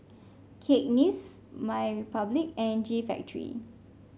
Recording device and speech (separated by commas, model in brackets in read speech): mobile phone (Samsung C5), read sentence